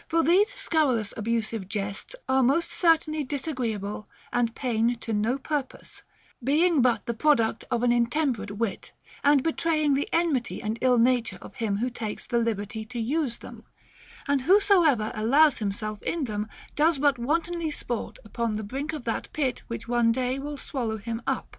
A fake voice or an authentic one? authentic